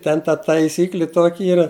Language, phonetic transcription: Lithuanian, ˈten ta taiˈsykli ˈtoki ˈyra

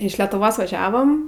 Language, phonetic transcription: Lithuanian, iš letuˈvos vaˈžiavam

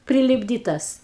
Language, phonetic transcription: Lithuanian, prilipˈdytas

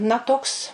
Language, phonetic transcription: Lithuanian, na ˈtoks

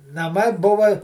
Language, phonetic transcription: Lithuanian, naˈmai ˈbuva

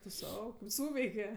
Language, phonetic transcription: Lithuanian, tu ˈsau kaip ˈsūveike

